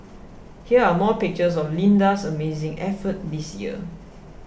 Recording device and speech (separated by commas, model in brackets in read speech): boundary microphone (BM630), read sentence